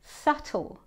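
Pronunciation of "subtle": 'Subtle' is said with a British accent, and the b is silent.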